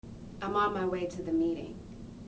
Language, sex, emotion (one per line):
English
female
neutral